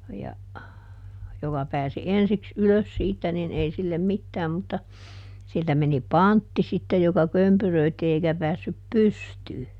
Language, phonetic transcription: Finnish, ja , ˈjoka pääsi "ensiks "ylös siittä nin ˈei sillem "mittääm mutta , ˈsiltä meni "pantti sittej joka ˈkömpyröitti eikä ˈpäässyp "pystyy .
- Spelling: ja joka pääsi ensiksi ylös siitä niin ei sille mitään mutta siltä meni pantti sitten joka kömpyröi eikä päässyt pystyyn

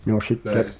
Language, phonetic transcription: Finnish, no sitte ,
- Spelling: no sitten

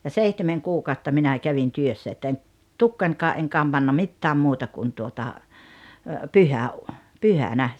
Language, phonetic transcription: Finnish, ja "seihtemeŋ 'kuu'kàotta 'minä̀ 'kävin 'työssä että en , "tukkańkaa’ ’eŋ 'kamBanna 'mittääm 'muuta kun tuota , 'pyhä₍u- , "pyhänä .
- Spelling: ja seitsemän kuukautta minä kävin työssä että en tukkaanikaan en kammannut mitään muuta kuin tuota - pyhänä

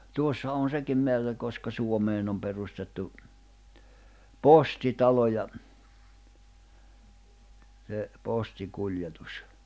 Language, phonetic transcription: Finnish, 'tuossa on̬ 'sekim 'meärrä koska 'Suomeen ‿om perustettu , "posti'talo ja , se 'posti'kuĺjetus .
- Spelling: tuossa on sekin määrä koska Suomeen on perustettu postitalo ja se postikuljetus

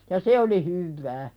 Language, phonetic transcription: Finnish, ja "se oli 'hyvvää .
- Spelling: ja se oli hyvää

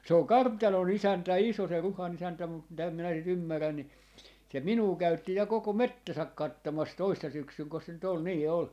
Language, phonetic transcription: Finnish, 'se oŋ "kart̆tano'n ‿isäntä "iso se 'Ruha'n ‿isäntä mut mitä minä si't ‿ymmärrän ni , se "minuu 'käytti ja 'koko "mettäsäk 'kattomas 'toissa 'syksyŋko se nyt ‿ol 'nii 'ol .
- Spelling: se on kartanon isäntä iso se Ruhan isäntä mutta mitä minä sitä ymmärrän niin se minua käytti ja koko metsänsä katsomassa toissa syksynäkö se nyt oli niin oli

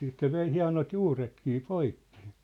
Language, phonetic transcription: Finnish, siit se 'vei 'hia̭not "juuretkii poikkɪ .
- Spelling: siitä se vei hienot juuretkin poikki

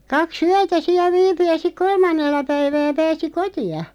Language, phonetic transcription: Finnish, 'kak"s ‿yätä 'siä 'viipy ja sik "kolmannella 'päivää 'pääsi "koti₍a .
- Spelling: kaksi yötä siellä viipyi ja sitten kolmannella päivää pääsi kotiin

